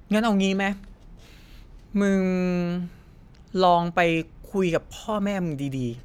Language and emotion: Thai, frustrated